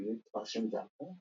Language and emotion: English, surprised